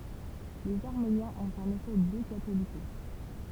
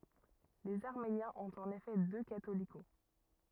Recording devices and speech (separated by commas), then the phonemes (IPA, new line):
temple vibration pickup, rigid in-ear microphone, read sentence
lez aʁmenjɛ̃z ɔ̃t ɑ̃n efɛ dø katoliko